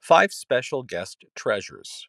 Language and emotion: English, neutral